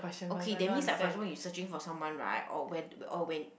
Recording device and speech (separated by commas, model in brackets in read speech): boundary microphone, conversation in the same room